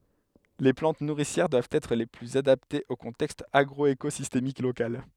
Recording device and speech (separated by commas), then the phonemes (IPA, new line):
headset microphone, read sentence
le plɑ̃t nuʁisjɛʁ dwavt ɛtʁ le plyz adaptez o kɔ̃tɛkst aɡʁɔekozistemik lokal